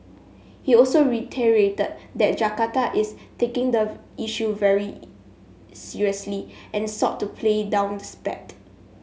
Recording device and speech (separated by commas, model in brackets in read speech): mobile phone (Samsung S8), read sentence